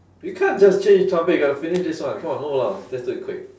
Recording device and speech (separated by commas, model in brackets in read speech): standing microphone, conversation in separate rooms